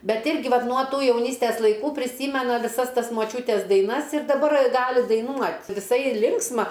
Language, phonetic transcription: Lithuanian, ˈbet ˈirgi ˈvat nuo ˈtų jauˈnystes laiˈkų priˈsymena viˈsas ˈtas moˈčiūtes daiˈnas ir daˈbar ˈgali daiˈnuot viˈsai ˈlinksma

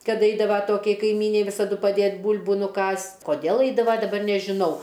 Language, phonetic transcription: Lithuanian, kad ˈaidava ˈtokiai kaiˈmynei ˈvisadu paˈdėt' ˈbūl'bu nuˈkąst' koˈdėl ˈaidava daˈbar nežiˈnau

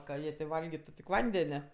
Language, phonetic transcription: Lithuanian, ka ˈjie tė ˈvalgitu tik ˈvandene

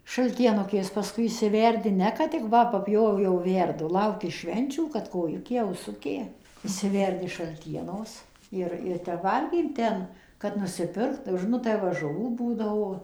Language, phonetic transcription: Lithuanian, šaltieˈnukės paˈskui išsiˈverdi ˈne kad tik ˈva paˈpjovė jau ˈverdu ˈlauki ˈšvenčių kad koˈjukė auˈsukė išsiˈverdi šalˈtienos ˈir ir ˈtep ˈvalgėm ˈten kad nusiˈpirkt ˈžinot tai va žuˈvų ˈbūdavo

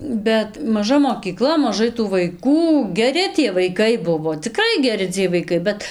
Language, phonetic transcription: Lithuanian, ˈbet maˈža mokyˈkla maˈžai tų vaiˈkų geˈri tie vaiˈkai ˈbuvo ciˈkrai geˈri ciej vaiˈkai ˈbet

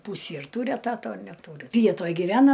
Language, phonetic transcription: Lithuanian, ˈpūsį ir ˈtūri eˈtato a neˈtūri ˈvietoj giˈvena

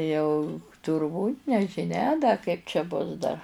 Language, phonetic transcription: Lithuanian, ˈjau turˈbūt' nežiˈnia da kaip čia ˈbus dar

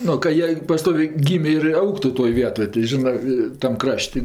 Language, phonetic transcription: Lithuanian, ˈnu ka ˈjie paˈstovė ˈgymė ir ˈaugtu toj ˈvietoj tai ˈžinɜ tam ˈkraš't'

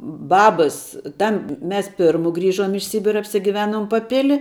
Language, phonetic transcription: Lithuanian, ˈbabas ˈtam ˈmes ˈpirmu ˈgrįžom iš ˈsybira apsigiˈvenom paˈpili

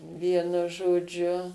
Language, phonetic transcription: Lithuanian, ˈvienu žoˈdžiu

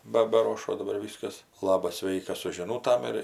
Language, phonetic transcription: Lithuanian, ˈba baˈrošo daˈbar ˈvyskas ˈlabas ˈsveikas su žiˈnūtam ir

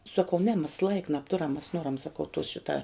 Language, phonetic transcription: Lithuanian, saˈkau ne mes laik nabˈturam mes ˈnoram saˈkau tos ˈšita

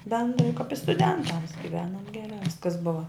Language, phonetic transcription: Lithuanian, bendrai kap i stuˈdentams giˈvenom geˈrā ˈviskas ˈbuva

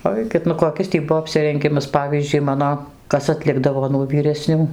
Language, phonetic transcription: Lithuanian, ˈaikit nu koˈkis tį ˈbuvo apsirenˈgimas ˈpavyzdžiui ˈmano ˈkas atˈlikdavo nuo vyreˈsnių

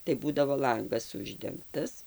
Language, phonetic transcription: Lithuanian, tai ˈbūdavo ˈlangas ˈuždengtas

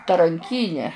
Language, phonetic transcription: Lithuanian, taranˈkyne

